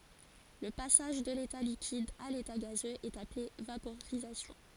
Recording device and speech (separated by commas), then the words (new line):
forehead accelerometer, read sentence
Le passage de l'état liquide à l'état gazeux est appelé vaporisation.